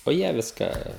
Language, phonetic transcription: Lithuanian, o ˈjie ˈviską

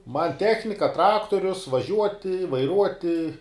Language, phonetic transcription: Lithuanian, man ˈtechnika ˈtraktorius vaˈžiuoti vaiˈruoti

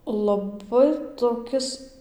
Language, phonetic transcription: Lithuanian, laˈbai toˈkis

